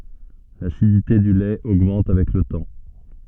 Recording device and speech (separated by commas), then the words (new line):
soft in-ear microphone, read sentence
L'acidité du lait augmente avec le temps.